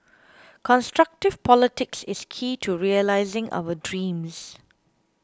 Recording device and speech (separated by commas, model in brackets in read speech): close-talking microphone (WH20), read sentence